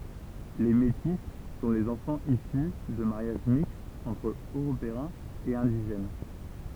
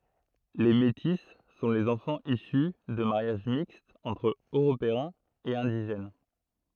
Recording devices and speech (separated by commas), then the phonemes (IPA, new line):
temple vibration pickup, throat microphone, read sentence
le meti sɔ̃ lez ɑ̃fɑ̃z isy də maʁjaʒ mikstz ɑ̃tʁ øʁopeɛ̃z e ɛ̃diʒɛn